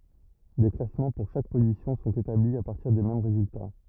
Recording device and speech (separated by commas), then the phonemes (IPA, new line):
rigid in-ear microphone, read sentence
de klasmɑ̃ puʁ ʃak pozisjɔ̃ sɔ̃t etabli a paʁtiʁ de mɛm ʁezylta